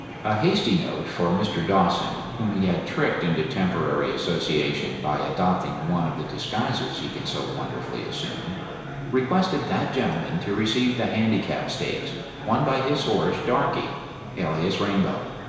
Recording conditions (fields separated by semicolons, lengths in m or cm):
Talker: one person; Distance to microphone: 1.7 m; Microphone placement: close; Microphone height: 1.0 m; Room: very reverberant, large; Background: babble